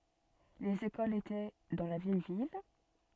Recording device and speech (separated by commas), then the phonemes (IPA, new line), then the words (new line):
soft in-ear microphone, read sentence
lez ekolz etɛ dɑ̃ la vjɛj vil
Les écoles étaient dans la vieille ville.